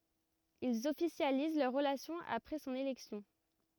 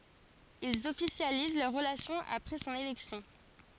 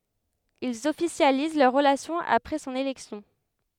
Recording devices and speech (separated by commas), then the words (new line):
rigid in-ear microphone, forehead accelerometer, headset microphone, read sentence
Ils officialisent leur relation après son élection.